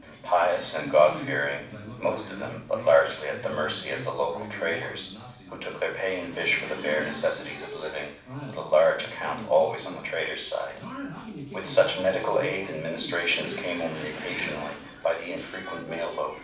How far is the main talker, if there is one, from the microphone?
5.8 m.